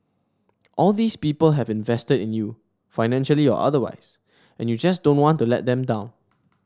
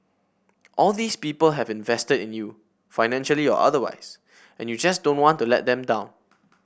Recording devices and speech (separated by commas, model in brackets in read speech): standing microphone (AKG C214), boundary microphone (BM630), read sentence